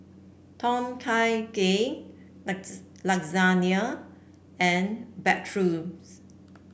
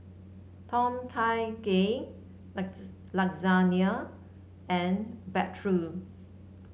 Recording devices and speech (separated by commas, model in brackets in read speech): boundary microphone (BM630), mobile phone (Samsung C7), read sentence